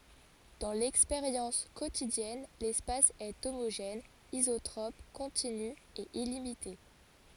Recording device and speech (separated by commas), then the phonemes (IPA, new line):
forehead accelerometer, read sentence
dɑ̃ lɛkspeʁjɑ̃s kotidjɛn lɛspas ɛ omoʒɛn izotʁɔp kɔ̃tiny e ilimite